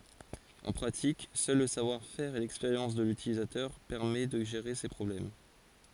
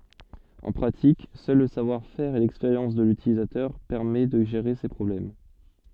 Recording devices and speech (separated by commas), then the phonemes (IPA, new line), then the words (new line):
forehead accelerometer, soft in-ear microphone, read sentence
ɑ̃ pʁatik sœl lə savwaʁfɛʁ e lɛkspeʁjɑ̃s də lytilizatœʁ pɛʁmɛ də ʒeʁe se pʁɔblɛm
En pratique, seul le savoir-faire et l’expérience de l’utilisateur permet de gérer ces problèmes.